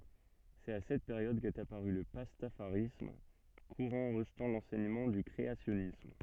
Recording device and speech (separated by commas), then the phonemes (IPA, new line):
soft in-ear microphone, read sentence
sɛt a sɛt peʁjɔd kɛt apaʁy lə pastafaʁism kuʁɑ̃ ʁəʒtɑ̃ lɑ̃sɛɲəmɑ̃ dy kʁeasjɔnism